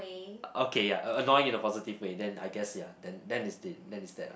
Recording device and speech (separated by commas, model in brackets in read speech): boundary microphone, conversation in the same room